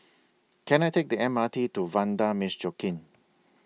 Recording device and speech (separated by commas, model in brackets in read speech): mobile phone (iPhone 6), read sentence